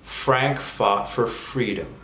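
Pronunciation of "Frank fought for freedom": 'Frank fought for freedom' is said at a normal pace, with the words linked together.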